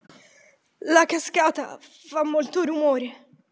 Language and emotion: Italian, fearful